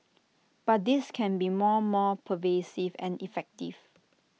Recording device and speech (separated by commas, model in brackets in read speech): mobile phone (iPhone 6), read sentence